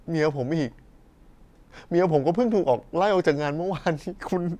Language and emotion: Thai, sad